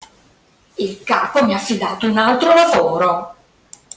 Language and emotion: Italian, angry